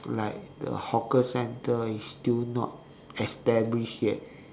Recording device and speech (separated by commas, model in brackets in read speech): standing microphone, conversation in separate rooms